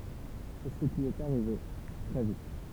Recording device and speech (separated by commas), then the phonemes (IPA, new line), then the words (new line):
temple vibration pickup, read sentence
sɛ sə ki ɛt aʁive tʁɛ vit
C'est ce qui est arrivé, très vite.